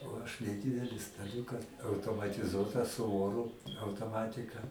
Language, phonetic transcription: Lithuanian, o ˈaš neˈdydeli staˈliūka automatiˈzuotą su ˈoru autoˈmatika

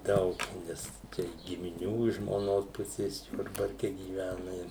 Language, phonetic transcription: Lithuanian, ˈdaug ˈnes ˈčia gimiˈnių iš žmoˈnos ˈpusės ˈjurbarke gyˈvæna i

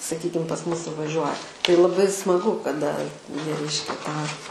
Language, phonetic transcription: Lithuanian, saˈkykim pas ˈmus suvaˈžiuoja tai laˈbai smaˈgu kaˈda ˈjie ˈreiškia tą

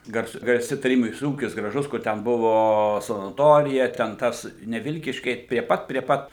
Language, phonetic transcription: Lithuanian, garˈsu garˈsi taˈrybinis ˈūkis graˈžus ˈkur ten ˈbuvo sanaˈtorija ten ˈtas ne ˈvilkyškiai prie ˈpat prie ˈpat

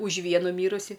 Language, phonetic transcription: Lithuanian, už ˈvienu ˈmyrusi

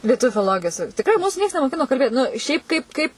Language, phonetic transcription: Lithuanian, lieˈtuvių filoˈlogijos tikˈrai ˈmūsu ˈnieks nemoˈkino kalˈbėt nu ˈšiaip ˈkaip ˈkaip

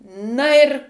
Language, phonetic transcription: Lithuanian, ˈna ir

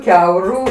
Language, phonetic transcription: Lithuanian, ˈkiauru

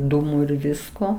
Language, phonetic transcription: Lithuanian, ˈdūmu ir ˈvisko

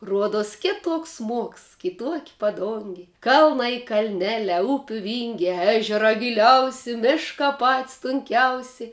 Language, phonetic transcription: Lithuanian, ˈruoduos ˈkituoks ˈsmuoks ˈkituok' paˈdungi ˈkalnai kalˈneliā ˈupių ˈvyngiā ˈežerā giˈliausi ˈmiškā pat's' tunˈkiausei

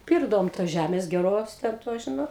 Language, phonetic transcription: Lithuanian, ˈpirkdavom tos ˈžæmės geˈros ˈten tos ˈžinot

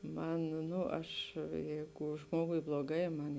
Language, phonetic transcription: Lithuanian, ˈman ˈnu ˈaš ˈjeigu ˈžmogui bloˈgai ˈman

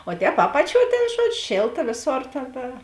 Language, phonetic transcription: Lithuanian, o ˈtēp ˈapaˌčiuo tėn ˈžuodžiu ˈšėlta ˈvėˌsor ˈtėn ta

